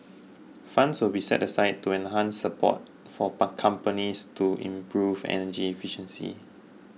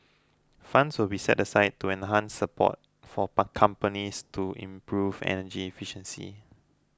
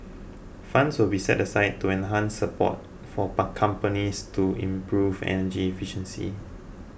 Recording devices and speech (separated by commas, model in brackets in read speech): mobile phone (iPhone 6), close-talking microphone (WH20), boundary microphone (BM630), read sentence